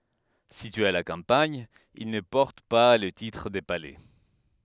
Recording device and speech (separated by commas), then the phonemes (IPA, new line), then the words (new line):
headset microphone, read sentence
sityez a la kɑ̃paɲ il nə pɔʁt pa lə titʁ də palɛ
Situés à la campagne, ils ne portent pas le titre de palais.